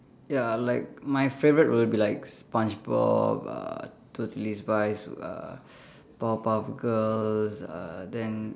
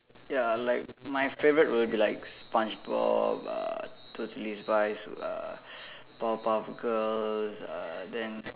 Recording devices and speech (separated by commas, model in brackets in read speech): standing microphone, telephone, conversation in separate rooms